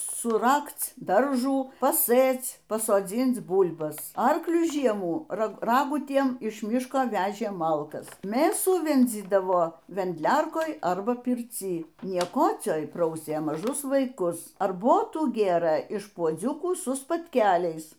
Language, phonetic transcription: Lithuanian, suˈrakc ˈdaržų paˈsɘc pasoˈdzync ˈbūlbas ˈarkliu ˈžiemų ˈragutiem iš ˈmiško ˈvežė ˈmalkas ˈmėsų ˈvendzydavo vendˈliarkoj arba pirˈcy nieˈkocioj ˈprausė maˈžus vaiˈkus arˈbotų ˈgėrɘ iš puoˈdziukų su spatˈkeliais

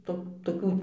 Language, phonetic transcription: Lithuanian, ˈto toˈkių

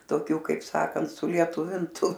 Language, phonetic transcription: Lithuanian, toˈkių kaip ˈsakant sulieˈtuvintu

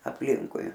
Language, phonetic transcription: Lithuanian, apˈlinkui

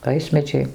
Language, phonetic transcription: Lithuanian, ˈvaismedžiai

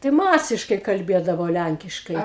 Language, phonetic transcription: Lithuanian, tai ˈmasiškai kalˈbėdavo ˈlænkiškai

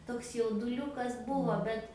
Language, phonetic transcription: Lithuanian, toks jauduˈliukas ˈbuvo ˈbet

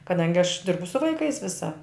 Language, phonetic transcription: Lithuanian, kaˈdangi aš ˈdirbu su vaiˈkais ˈvisa

